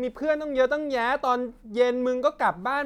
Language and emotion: Thai, frustrated